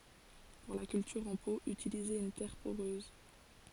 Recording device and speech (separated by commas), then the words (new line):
forehead accelerometer, read sentence
Pour la culture en pot, utilisez une terre poreuse.